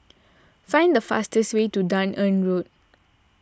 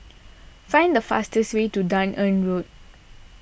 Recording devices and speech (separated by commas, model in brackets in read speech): standing microphone (AKG C214), boundary microphone (BM630), read sentence